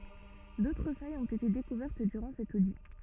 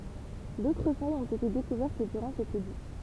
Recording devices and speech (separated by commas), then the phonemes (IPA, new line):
rigid in-ear microphone, temple vibration pickup, read sentence
dotʁ fajz ɔ̃t ete dekuvɛʁt dyʁɑ̃ sɛt odi